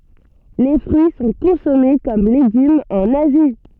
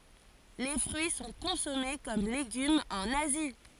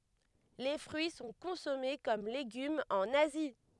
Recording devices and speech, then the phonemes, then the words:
soft in-ear microphone, forehead accelerometer, headset microphone, read sentence
le fʁyi sɔ̃ kɔ̃sɔme kɔm leɡymz ɑ̃n azi
Les fruits sont consommés comme légumes en Asie.

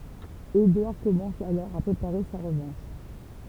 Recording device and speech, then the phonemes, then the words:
temple vibration pickup, read sentence
edwaʁ kɔmɑ̃s alɔʁ a pʁepaʁe sa ʁəvɑ̃ʃ
Édouard commence alors à préparer sa revanche.

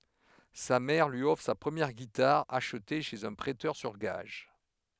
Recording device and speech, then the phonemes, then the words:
headset microphone, read sentence
sa mɛʁ lyi ɔfʁ sa pʁəmjɛʁ ɡitaʁ aʃte ʃez œ̃ pʁɛtœʁ syʁ ɡaʒ
Sa mère lui offre sa première guitare, achetée chez un prêteur sur gages.

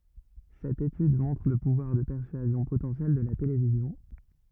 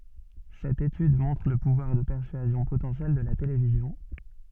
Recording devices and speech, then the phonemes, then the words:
rigid in-ear microphone, soft in-ear microphone, read sentence
sɛt etyd mɔ̃tʁ lə puvwaʁ də pɛʁsyazjɔ̃ potɑ̃sjɛl də la televizjɔ̃
Cette étude montre le pouvoir de persuasion potentiel de la télévision.

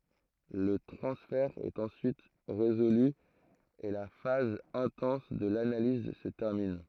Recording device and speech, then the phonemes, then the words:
throat microphone, read sentence
lə tʁɑ̃sfɛʁ ɛt ɑ̃syit ʁezoly e la faz ɛ̃tɑ̃s də lanaliz sə tɛʁmin
Le transfert est ensuite résolu et la phase intense de l'analyse se termine.

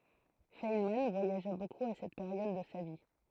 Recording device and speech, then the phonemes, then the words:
throat microphone, read sentence
fɛnmɑ̃ vwajaʒa bokup a sɛt peʁjɔd də sa vi
Feynman voyagea beaucoup à cette période de sa vie.

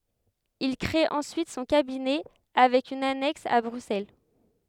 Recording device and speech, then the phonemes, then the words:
headset microphone, read sentence
il kʁee ɑ̃syit sɔ̃ kabinɛ avɛk yn anɛks a bʁyksɛl
Il créé ensuite son cabinet avec une annexe à Bruxelles.

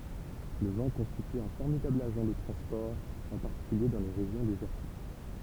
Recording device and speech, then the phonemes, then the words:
temple vibration pickup, read sentence
lə vɑ̃ kɔ̃stity œ̃ fɔʁmidabl aʒɑ̃ də tʁɑ̃spɔʁ ɑ̃ paʁtikylje dɑ̃ le ʁeʒjɔ̃ dezɛʁtik
Le vent constitue un formidable agent de transport, en particulier dans les régions désertiques.

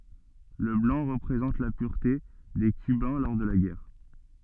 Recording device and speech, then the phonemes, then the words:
soft in-ear microphone, read sentence
lə blɑ̃ ʁəpʁezɑ̃t la pyʁte de kybɛ̃ lɔʁ də la ɡɛʁ
Le blanc représente la pureté des cubains lors de la guerre.

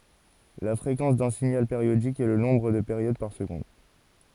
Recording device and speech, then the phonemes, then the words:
forehead accelerometer, read sentence
la fʁekɑ̃s dœ̃ siɲal peʁjodik ɛ lə nɔ̃bʁ də peʁjod paʁ səɡɔ̃d
La fréquence d'un signal périodique est le nombre de périodes par seconde.

